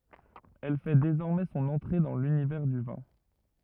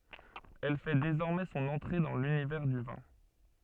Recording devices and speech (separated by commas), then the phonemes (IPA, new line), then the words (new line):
rigid in-ear microphone, soft in-ear microphone, read sentence
ɛl fɛ dezɔʁmɛ sɔ̃n ɑ̃tʁe dɑ̃ lynivɛʁ dy vɛ̃
Elle fait désormais son entrée dans l'univers du vin.